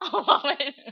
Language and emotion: Thai, frustrated